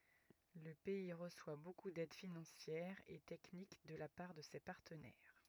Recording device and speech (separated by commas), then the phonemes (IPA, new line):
rigid in-ear microphone, read sentence
lə pɛi ʁəswa boku dɛd finɑ̃sjɛʁ e tɛknik də la paʁ də se paʁtənɛʁ